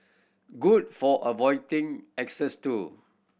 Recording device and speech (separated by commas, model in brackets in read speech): boundary microphone (BM630), read sentence